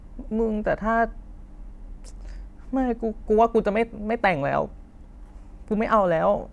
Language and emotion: Thai, sad